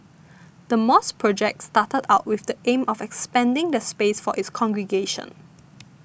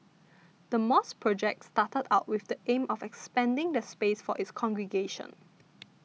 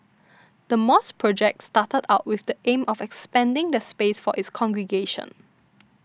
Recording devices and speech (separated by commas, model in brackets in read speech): boundary microphone (BM630), mobile phone (iPhone 6), standing microphone (AKG C214), read sentence